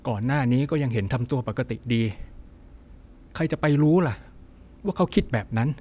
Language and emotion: Thai, frustrated